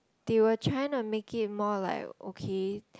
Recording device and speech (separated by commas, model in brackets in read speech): close-talking microphone, conversation in the same room